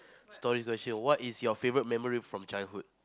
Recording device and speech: close-talking microphone, conversation in the same room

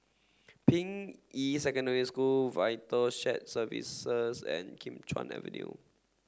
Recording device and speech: standing microphone (AKG C214), read sentence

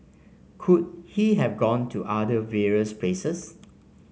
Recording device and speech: mobile phone (Samsung C5), read sentence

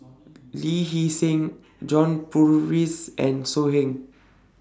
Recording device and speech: standing microphone (AKG C214), read sentence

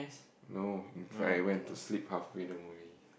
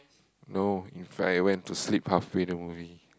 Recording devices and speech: boundary microphone, close-talking microphone, conversation in the same room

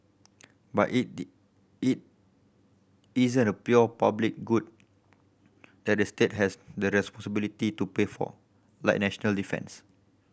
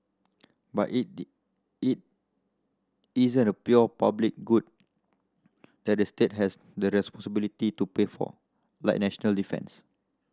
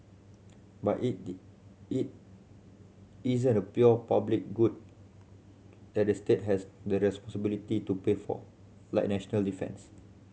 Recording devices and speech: boundary microphone (BM630), standing microphone (AKG C214), mobile phone (Samsung C7100), read sentence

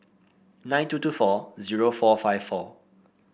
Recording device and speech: boundary microphone (BM630), read sentence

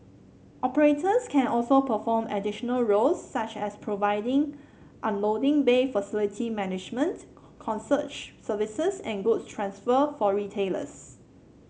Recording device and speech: mobile phone (Samsung C7), read sentence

